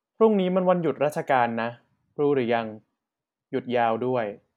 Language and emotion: Thai, neutral